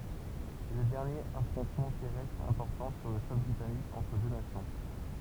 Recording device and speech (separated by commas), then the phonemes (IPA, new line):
temple vibration pickup, read sentence
sɛ lə dɛʁnjeʁ afʁɔ̃tmɑ̃ tɛʁɛstʁ ɛ̃pɔʁtɑ̃ syʁ lə sɔl bʁitanik ɑ̃tʁ dø nasjɔ̃